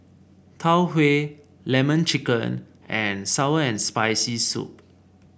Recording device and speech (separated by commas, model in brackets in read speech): boundary microphone (BM630), read sentence